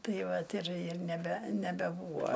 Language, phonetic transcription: Lithuanian, ˈtai ˈvat ir ir neˈbe nebeˈbūva

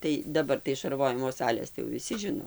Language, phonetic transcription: Lithuanian, ˈtai daˈbar tai šarˈvojimo ˈsalės tai jau viˈsi ˈžino

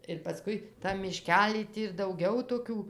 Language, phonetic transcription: Lithuanian, ir paˈskui ˈtam miˈškely ˈtį ir dauˈgau toˈkių

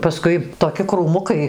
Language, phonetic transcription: Lithuanian, paˈskui toˈki krūˈmukai

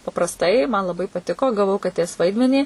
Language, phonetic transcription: Lithuanian, paprasˈtai man laˈbai paˈtiko gaˈvau kaˈtės ˈvaidmenį

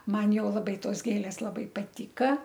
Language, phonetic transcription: Lithuanian, ˈman ˈjau laˈbai ˈtos ˈgėlės laˈbai paˈtyka

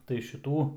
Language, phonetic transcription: Lithuanian, tai šiˈtų

